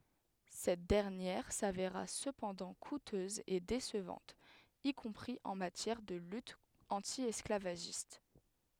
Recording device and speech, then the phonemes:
headset microphone, read sentence
sɛt dɛʁnjɛʁ saveʁa səpɑ̃dɑ̃ kutøz e desəvɑ̃t i kɔ̃pʁi ɑ̃ matjɛʁ də lyt ɑ̃tjɛsklavaʒist

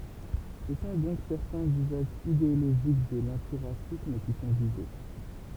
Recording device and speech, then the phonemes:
temple vibration pickup, read sentence
sə sɔ̃ dɔ̃k sɛʁtɛ̃z yzaʒz ideoloʒik də lɑ̃tiʁasism ki sɔ̃ vize

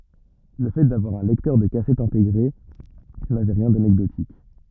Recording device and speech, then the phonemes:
rigid in-ear microphone, read sentence
lə fɛ davwaʁ œ̃ lɛktœʁ də kasɛt ɛ̃teɡʁe navɛ ʁjɛ̃ danɛkdotik

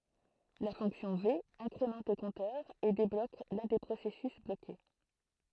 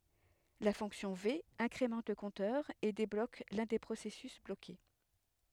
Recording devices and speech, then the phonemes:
throat microphone, headset microphone, read sentence
la fɔ̃ksjɔ̃ ve ɛ̃kʁemɑ̃t lə kɔ̃tœʁ e deblok lœ̃ de pʁosɛsys bloke

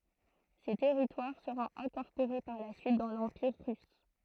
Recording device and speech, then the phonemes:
throat microphone, read sentence
se tɛʁitwaʁ səʁɔ̃t ɛ̃kɔʁpoʁe paʁ la syit dɑ̃ lɑ̃piʁ ʁys

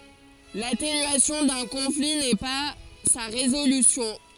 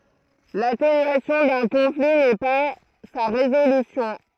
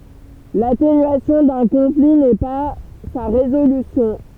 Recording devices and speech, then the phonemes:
forehead accelerometer, throat microphone, temple vibration pickup, read sentence
latenyasjɔ̃ dœ̃ kɔ̃fli nɛ pa sa ʁezolysjɔ̃

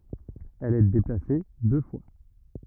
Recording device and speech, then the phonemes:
rigid in-ear microphone, read sentence
ɛl ɛ deplase dø fwa

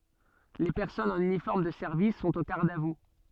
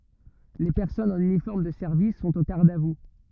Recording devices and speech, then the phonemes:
soft in-ear microphone, rigid in-ear microphone, read sentence
le pɛʁsɔnz ɑ̃n ynifɔʁm də sɛʁvis sɔ̃t o ɡaʁd a vu

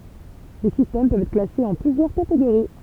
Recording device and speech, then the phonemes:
temple vibration pickup, read sentence
le sistɛm pøvt ɛtʁ klasez ɑ̃ plyzjœʁ kateɡoʁi

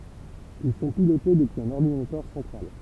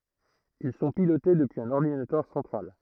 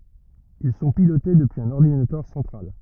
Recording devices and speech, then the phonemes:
temple vibration pickup, throat microphone, rigid in-ear microphone, read sentence
il sɔ̃ pilote dəpyiz œ̃n ɔʁdinatœʁ sɑ̃tʁal

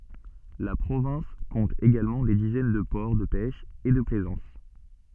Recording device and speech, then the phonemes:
soft in-ear microphone, read sentence
la pʁovɛ̃s kɔ̃t eɡalmɑ̃ de dizɛn də pɔʁ də pɛʃ e də plɛzɑ̃s

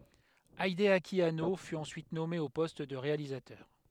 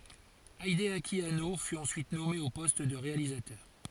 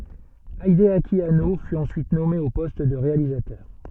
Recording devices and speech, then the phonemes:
headset microphone, forehead accelerometer, soft in-ear microphone, read sentence
ideaki ano fy ɑ̃syit nɔme o pɔst də ʁealizatœʁ

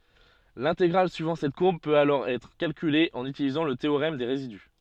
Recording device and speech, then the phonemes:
soft in-ear microphone, read sentence
lɛ̃teɡʁal syivɑ̃ sɛt kuʁb pøt alɔʁ ɛtʁ kalkyle ɑ̃n ytilizɑ̃ lə teoʁɛm de ʁezidy

